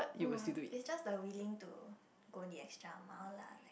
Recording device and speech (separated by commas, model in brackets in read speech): boundary microphone, conversation in the same room